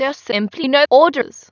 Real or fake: fake